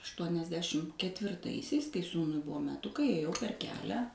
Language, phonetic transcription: Lithuanian, aštuoniasˈdešim ketvirˈtaisiais kai ˈsūnui ˈbuvo meˈtukai ėˈjau per ˈkelią

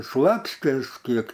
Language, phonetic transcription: Lithuanian, ˈslapstės ˈkiek

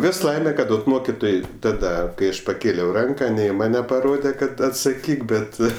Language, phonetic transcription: Lithuanian, ˈvis ˈlaime ˈkad ot ˈmokitoj ˈtada kai ˈaš paˈkėliau ˈranka ne i ˈmane paˈrode ˈkad atsaˈkyk ˈbet

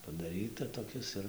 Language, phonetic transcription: Lithuanian, padaˈryta toˈkis ir

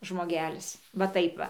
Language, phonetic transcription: Lithuanian, žmoˈgelis va ˈtaip va

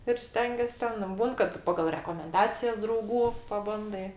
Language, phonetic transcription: Lithuanian, ir ˈstengės' ˈten ˈbūn kad ˈpagal rekomenˈdacijas drauˈgų paˈbandai

